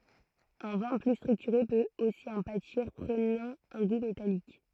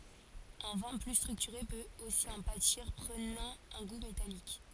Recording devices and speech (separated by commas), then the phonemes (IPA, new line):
throat microphone, forehead accelerometer, read sentence
œ̃ vɛ̃ ply stʁyktyʁe pøt osi ɑ̃ patiʁ pʁənɑ̃ œ̃ ɡu metalik